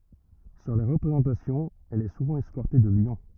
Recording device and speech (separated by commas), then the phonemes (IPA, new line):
rigid in-ear microphone, read sentence
syʁ le ʁəpʁezɑ̃tasjɔ̃z ɛl ɛ suvɑ̃ ɛskɔʁte də ljɔ̃